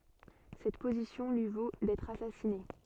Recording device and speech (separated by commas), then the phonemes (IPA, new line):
soft in-ear microphone, read sentence
sɛt pozisjɔ̃ lyi vo dɛtʁ asasine